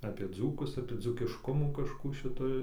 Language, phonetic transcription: Lithuanian, apie ˈdzūkus apie dzūkišˈkumų kažˈkų šiˈtoj

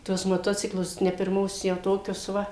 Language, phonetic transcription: Lithuanian, ˈtuos moˈtociklus ne pirˈmos jau ˈtokius ˈva

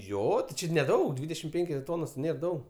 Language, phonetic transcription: Lithuanian, ˈjo ti ˈči neˈdaug ˈdvydešim ˈpenkios ˈtonos ˈnėr ˈdaug

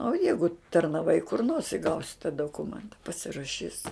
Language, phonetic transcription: Lithuanian, o ˈjeigu tarnaˈvai kur nors i ˈgausi ta doˈkumenta pasiraˈšys

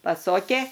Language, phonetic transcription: Lithuanian, paˈsokė

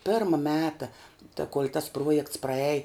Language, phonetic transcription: Lithuanian, ˈpirma ˈmeta ta kol' tas ˈpruojekts praˈej

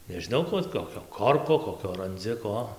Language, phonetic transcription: Lithuanian, nežiˈnau ˈkuo ˈot ˌkokio ˈkorko koˈkio ranˈdzi ˈko

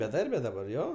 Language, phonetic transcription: Lithuanian, beˈdarbe daˈbar ˈjo

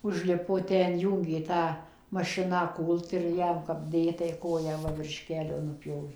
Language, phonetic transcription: Lithuanian, užˈlipo ˈten ˈjų gi ˈta mašiˈna ˈkūlt ir ˈjam kap ˈdė tai ˈkoją ˈva virš ˈkelio nuˈpjovė

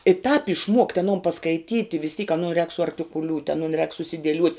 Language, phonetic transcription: Lithuanian, i tāp išˈmuokt' aˈnon paskaiˈtyti vis tyk aˈnu rēk suarktikuˈliūt' aˈnun rēk susidieˈliuot'

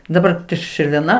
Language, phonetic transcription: Lithuanian, daˈbar ti širvėˈna

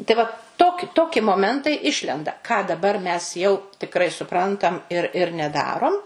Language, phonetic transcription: Lithuanian, tai ˈva tok ˈtoki moˈmentai ˈišlenda ką daˈbar mes jau tikˈrai suˈprantam ir ir neˈdarom

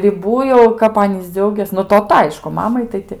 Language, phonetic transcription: Lithuanian, riˈbų jau kap ˈanys ˈdziaugės nu toˈta ˈaišku ˈmamai tai ˈti

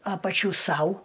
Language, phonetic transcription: Lithuanian, ˈapačių ˈsau

